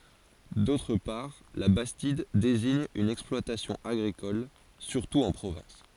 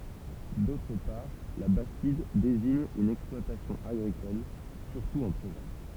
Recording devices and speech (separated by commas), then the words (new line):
forehead accelerometer, temple vibration pickup, read sentence
D’autre part, la bastide désigne une exploitation agricole, surtout en Provence.